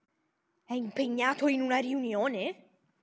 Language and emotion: Italian, surprised